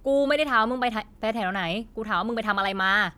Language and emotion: Thai, angry